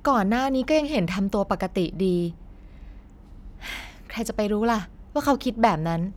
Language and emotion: Thai, frustrated